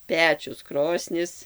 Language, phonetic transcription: Lithuanian, ˈpečius ˈkrosnis

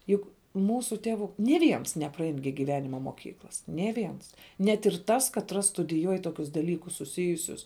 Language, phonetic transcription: Lithuanian, ˈjug ˈmūsų ˈtevu nė ˈviens nepraˈein gi giˈvenima moˈkyklas nė ˈviens net ir ˈtas katˈras studiˈjuoj ˈtokius daˈlykus suˈsijusius

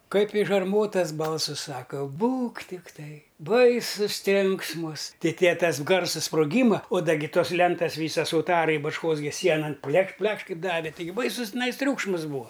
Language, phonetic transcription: Lithuanian, kaip iš arˈmotas ˈbalsɨs ˈsaka ˈbūk tikˈtai ˈbaisus ˈtrenksmus ti tie ˈtas ˈgarsas sproˈgyma o ˈda gi ˈtos ˈlentas ˈvysas uˈtarai bačˈkos gi ˈsienan ˈplekš ˈplekš ˈkaip ˈdavi ˈtaigi ˈbaisus tiˈnais ˈtriūkšmas ˈbūa

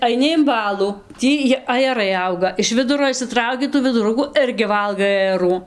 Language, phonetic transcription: Lithuanian, aiˈni im ˈbalų ˈtį ji ajeˈrai ˈauga iš ˈviduro išsiˈtrauki tų viduˈrukų ˈirgi ˈvalgai ajeˈrų

